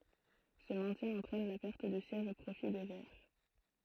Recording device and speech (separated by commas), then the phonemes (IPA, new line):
throat microphone, read sentence
sə mɛ̃tjɛ̃ ɑ̃tʁɛn la pɛʁt dy sjɛʒ o pʁofi de vɛʁ